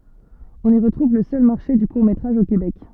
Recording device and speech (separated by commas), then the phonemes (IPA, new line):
soft in-ear microphone, read sentence
ɔ̃n i ʁətʁuv lə sœl maʁʃe dy kuʁ metʁaʒ o kebɛk